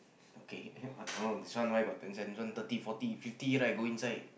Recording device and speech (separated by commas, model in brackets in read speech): boundary microphone, conversation in the same room